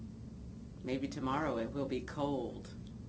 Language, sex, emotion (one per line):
English
female
neutral